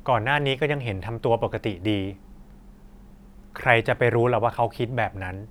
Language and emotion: Thai, neutral